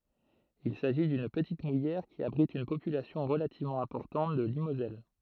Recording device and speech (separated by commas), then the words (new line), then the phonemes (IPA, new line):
throat microphone, read sentence
Il s'agit d'une petite mouillère qui abrite une population relativement importante de limoselle.
il saʒi dyn pətit mujɛʁ ki abʁit yn popylasjɔ̃ ʁəlativmɑ̃ ɛ̃pɔʁtɑ̃t də limozɛl